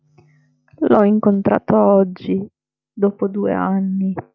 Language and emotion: Italian, sad